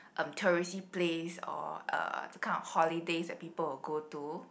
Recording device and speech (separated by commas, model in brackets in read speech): boundary microphone, conversation in the same room